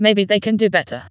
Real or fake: fake